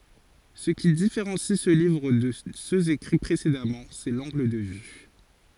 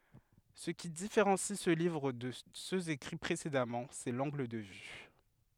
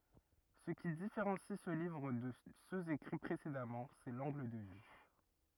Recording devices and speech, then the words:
forehead accelerometer, headset microphone, rigid in-ear microphone, read sentence
Ce qui différencie ce livre de ceux écrits précédemment, c'est l'angle de vue.

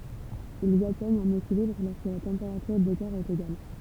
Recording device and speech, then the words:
temple vibration pickup, read sentence
Ils atteignent un équilibre lorsque la température des corps est égale.

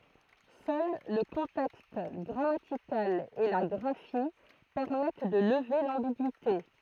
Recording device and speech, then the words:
throat microphone, read sentence
Seul le contexte grammatical et la graphie permettent de lever l'ambigüité.

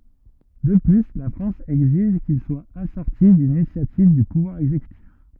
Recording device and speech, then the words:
rigid in-ear microphone, read sentence
De plus, la France exige qu’il soit assorti d’une initiative du pouvoir exécutif.

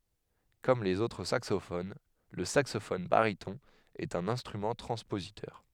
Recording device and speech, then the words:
headset microphone, read sentence
Comme les autres saxophones, le saxophone baryton est un instrument transpositeur.

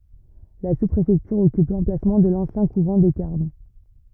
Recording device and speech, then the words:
rigid in-ear microphone, read sentence
La sous-préfecture occupe l'emplacement de l'ancien couvent des Carmes.

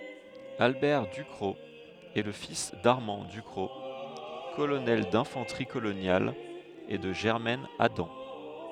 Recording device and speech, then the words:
headset microphone, read sentence
Albert Ducrocq est le fils d'Armand Ducrocq, colonel d'infanterie coloniale et de Germaine Adam.

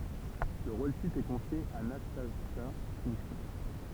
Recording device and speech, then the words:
temple vibration pickup, read sentence
Le rôle-titre est confié à Nastassja Kinski.

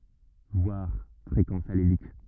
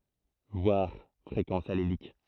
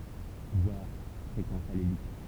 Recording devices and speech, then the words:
rigid in-ear microphone, throat microphone, temple vibration pickup, read sentence
Voir fréquence allélique.

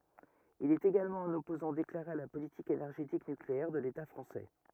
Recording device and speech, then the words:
rigid in-ear microphone, read sentence
Il est également un opposant déclaré à la politique énergétique nucléaire de l'État français.

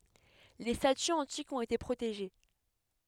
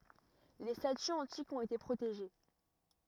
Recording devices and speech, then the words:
headset microphone, rigid in-ear microphone, read sentence
Les statues antiques ont été protégées.

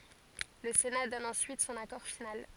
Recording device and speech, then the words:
forehead accelerometer, read sentence
Le Sénat donne ensuite son accord final.

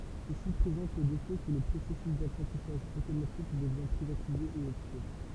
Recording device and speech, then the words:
temple vibration pickup, read sentence
Ceci présente le défaut que le processus d’apprentissage automatique devient privatisé et obscur.

